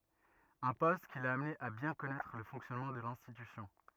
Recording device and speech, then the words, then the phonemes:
rigid in-ear microphone, read sentence
Un poste qui l'a amené à bien connaître le fonctionnement de l'institution.
œ̃ pɔst ki la amne a bjɛ̃ kɔnɛtʁ lə fɔ̃ksjɔnmɑ̃ də lɛ̃stitysjɔ̃

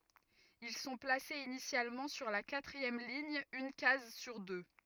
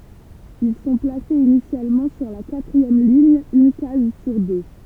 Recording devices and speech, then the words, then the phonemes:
rigid in-ear microphone, temple vibration pickup, read sentence
Ils sont placés initialement sur la quatrième ligne, une case sur deux.
il sɔ̃ plasez inisjalmɑ̃ syʁ la katʁiɛm liɲ yn kaz syʁ dø

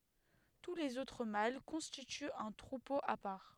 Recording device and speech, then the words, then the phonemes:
headset microphone, read sentence
Tous les autres mâles constituent un troupeau à part.
tu lez otʁ mal kɔ̃stityt œ̃ tʁupo a paʁ

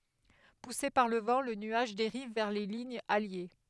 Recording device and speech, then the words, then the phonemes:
headset microphone, read sentence
Poussé par le vent, le nuage dérive vers les lignes alliées.
puse paʁ lə vɑ̃ lə nyaʒ deʁiv vɛʁ le liɲz alje

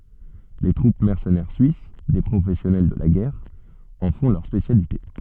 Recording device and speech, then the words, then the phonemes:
soft in-ear microphone, read sentence
Les troupes mercenaires suisses, des professionnels de la guerre, en font leur spécialité.
le tʁup mɛʁsənɛʁ syis de pʁofɛsjɔnɛl də la ɡɛʁ ɑ̃ fɔ̃ lœʁ spesjalite

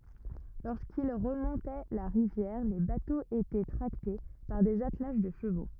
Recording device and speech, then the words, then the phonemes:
rigid in-ear microphone, read sentence
Lorsqu'ils remontaient la rivière, les bateaux étaient tractés par des attelages de chevaux.
loʁskil ʁəmɔ̃tɛ la ʁivjɛʁ le batoz etɛ tʁakte paʁ dez atlaʒ də ʃəvo

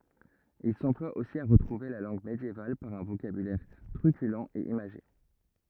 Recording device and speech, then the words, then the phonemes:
rigid in-ear microphone, read sentence
Il s'emploie aussi à retrouver la langue médiévale par un vocabulaire truculent et imagé.
il sɑ̃plwa osi a ʁətʁuve la lɑ̃ɡ medjeval paʁ œ̃ vokabylɛʁ tʁykylɑ̃ e imaʒe

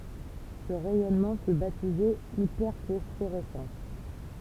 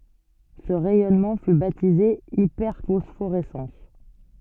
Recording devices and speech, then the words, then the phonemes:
temple vibration pickup, soft in-ear microphone, read sentence
Ce rayonnement fut baptisé hyperphosphorescence.
sə ʁɛjɔnmɑ̃ fy batize ipɛʁfɔsfoʁɛsɑ̃s

